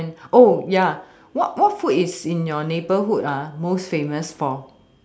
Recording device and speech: standing microphone, conversation in separate rooms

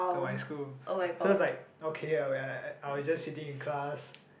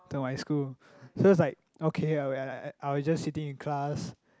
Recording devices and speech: boundary microphone, close-talking microphone, conversation in the same room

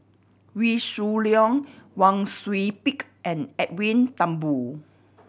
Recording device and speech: boundary microphone (BM630), read sentence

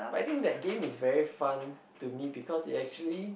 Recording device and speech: boundary microphone, conversation in the same room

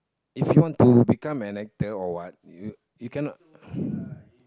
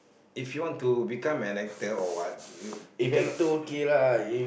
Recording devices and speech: close-talking microphone, boundary microphone, conversation in the same room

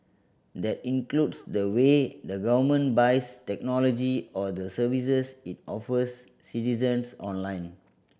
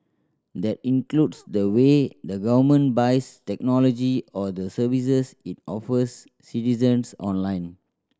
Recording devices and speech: boundary microphone (BM630), standing microphone (AKG C214), read sentence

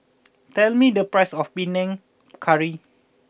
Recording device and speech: boundary microphone (BM630), read sentence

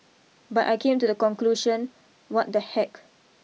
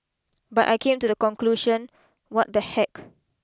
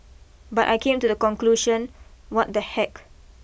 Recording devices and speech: mobile phone (iPhone 6), close-talking microphone (WH20), boundary microphone (BM630), read sentence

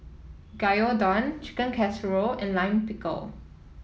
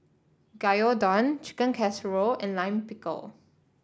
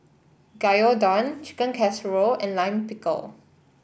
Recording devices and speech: mobile phone (iPhone 7), standing microphone (AKG C214), boundary microphone (BM630), read sentence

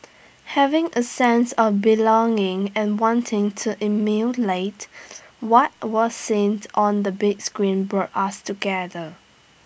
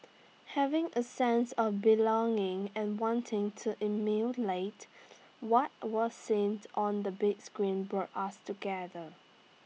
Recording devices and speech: boundary microphone (BM630), mobile phone (iPhone 6), read sentence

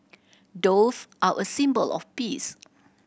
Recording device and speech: boundary microphone (BM630), read sentence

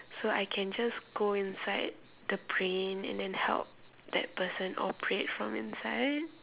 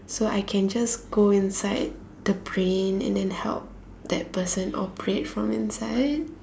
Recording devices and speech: telephone, standing microphone, conversation in separate rooms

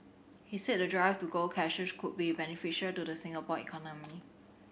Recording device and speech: boundary microphone (BM630), read sentence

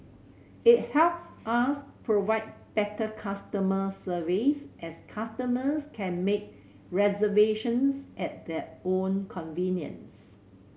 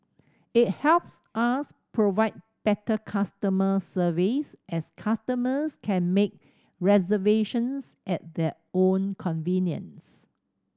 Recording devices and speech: mobile phone (Samsung C7100), standing microphone (AKG C214), read sentence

